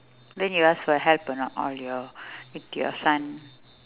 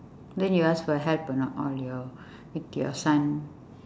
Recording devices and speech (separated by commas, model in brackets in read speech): telephone, standing microphone, conversation in separate rooms